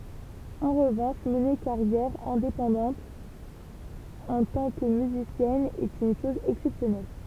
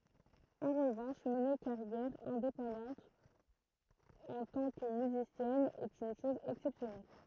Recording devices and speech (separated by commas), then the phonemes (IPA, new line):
temple vibration pickup, throat microphone, read sentence
ɑ̃ ʁəvɑ̃ʃ məne kaʁjɛʁ ɛ̃depɑ̃dɑ̃t ɑ̃ tɑ̃ kə myzisjɛn ɛt yn ʃɔz ɛksɛpsjɔnɛl